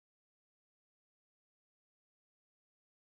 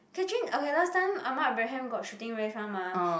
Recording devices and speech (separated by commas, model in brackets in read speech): close-talking microphone, boundary microphone, conversation in the same room